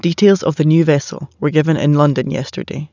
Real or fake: real